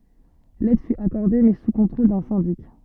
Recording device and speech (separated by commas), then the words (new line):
soft in-ear microphone, read sentence
L'aide fut accordée, mais sous contrôle d'un syndic.